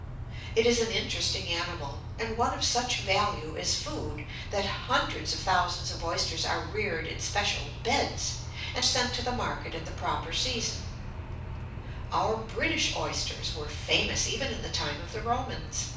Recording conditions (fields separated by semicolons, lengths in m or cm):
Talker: one person; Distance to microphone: 5.8 m; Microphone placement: far; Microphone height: 1.8 m; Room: medium-sized (5.7 m by 4.0 m); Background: none